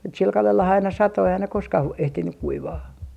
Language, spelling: Finnish, mutta sillä kalellahan aina satoi eihän ne koskaan - ehtinyt kuivaa
- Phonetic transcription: mut sil kalelha aina "sato eihän ne 'koskah voi- , 'ehtinyk 'kuivaa .

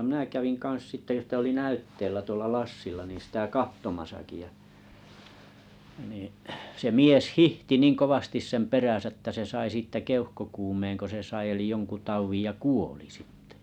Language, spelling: Finnish, minä kävin kanssa sitten sitä oli näytteillä tuolla Lassilla niin sitä katsomassakin ja niin se mies hiihti niin kovasti sen perässä että se sai siitä keuhkokuumeenko se sai eli jonkun taudin ja kuoli sitten
- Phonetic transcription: minä 'käviŋ 'kan̬s sⁱtte (sⁱt) oli "näytteillä 'tuolla "Lassilla nii sĭtä "kahtomasaki ja , niiḭ , se 'mies "hihti 'nin 'kovastis 'sem "peräsä ᵉttä se 'sai 'siittä "keuhkokuumeeŋko se 'sai eli 'jonku 'tauvij ja "kuoli sɪttᴇ .

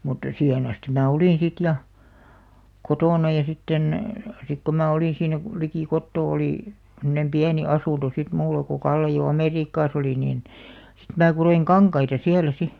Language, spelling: Finnish, mutta siihen asti minä olin sitten ja kotona ja sitten sitten kun minä olin siinä - liki kotoa oli semmoinen pieni asunto sitten minulla kun Kalle jo Amerikassa oli niin sitten minä kudoin kankaita siellä sitten
- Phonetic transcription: mutta 'siihen astim mää "olìn sit ja , "kotòna ja 'sitten , sik ko 'mää olìn siinä (ko-) , likì 'kottoo olì , semnem "piäni 'asùnto sit 'mulla ko 'Kalle jo "Amèriikkaas ‿olì niin , sit mä 'kuroiŋ "kaŋkaita 'siälä 'si .

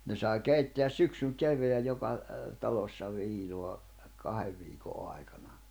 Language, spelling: Finnish, ne sai keittää syksyn kevään joka talossa viinaa kahden viikon aikana
- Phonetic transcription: ne sai 'keitteäs 'syksyŋ 'kev̀eäj 'joka , 'talossa 'viinoa , 'kahev viiko '’ai̬kana .

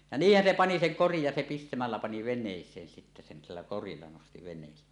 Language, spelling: Finnish, ja niinhän se pani sen korin ja se pistämällä pani veneeseen sitten sen sillä korilla nosti veneeseen
- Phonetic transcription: ja "niihhän 'se 'pani 'seŋ "korij ja se 'pistämällä pani ven̆nèis̀een sittä sen 'sillä "korilla nosti ven̆nèis̀ee .

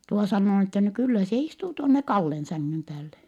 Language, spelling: Finnish, tuo sanoo niin että no kyllä se istuu tuonne Kallen sängyn päälle
- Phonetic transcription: tuo sannoo n ‿että » no kyllä se istuu tuonne Kallen säŋŋym päälle . »

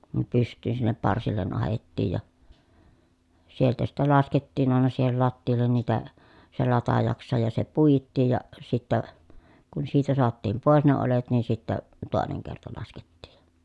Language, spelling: Finnish, ne pystyyn sinne parsille ahdettiin ja sieltä sitten laskettiin aina siihen lattialle niitä se latajaksensa ja se puitiin ja sitten kun siitä saatiin pois ne oljet niin sitten toinen kerta laskettiin ja
- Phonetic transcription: ne pyst̆tyyn sinnep parsillen ahettiij ja , sieltä sitte laskettiin ‿àena siihel lattiil̀en niitä , se latajaksesaj ja se puittiij ja , sittä , kun siitä soattiim pòes ne olet nin sittä , tòeneŋ kerta laskettiij jA .

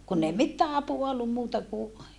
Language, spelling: Finnish, kun ei mitään apua ollut muuta kuin
- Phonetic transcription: kunn ‿ei mittää apua ollum muuta ku ,.

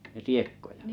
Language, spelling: Finnish, riekkoja
- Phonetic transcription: 'riekkoja ?

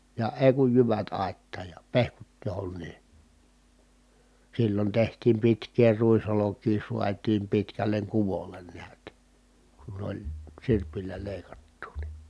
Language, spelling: Finnish, ja ei kun jyvät aittaan ja pehkut johonkin silloin tehtiin pitkää ruisolkia saatiin pitkälle kuvolle näet kun oli sirpillä leikattua niin
- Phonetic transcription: ja èi̮ kuj jyvät ài̮ttaaj ja , pehkut johon̆nii ,. sillon tehtiim pitk̀ee ruis₍olok̀ii suat̀iim pitkäl̀eŋ kuvol̀en niät , kun ‿oĺ , sirpil̆lä lèi̮kattuu ni .

